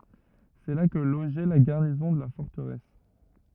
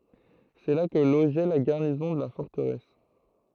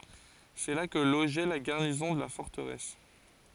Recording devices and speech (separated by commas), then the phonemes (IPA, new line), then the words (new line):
rigid in-ear microphone, throat microphone, forehead accelerometer, read sentence
sɛ la kə loʒɛ la ɡaʁnizɔ̃ də la fɔʁtəʁɛs
C’est là que logeait la garnison de la forteresse.